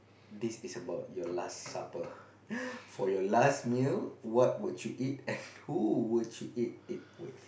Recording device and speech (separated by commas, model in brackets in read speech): boundary microphone, conversation in the same room